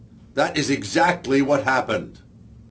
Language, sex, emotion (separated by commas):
English, male, angry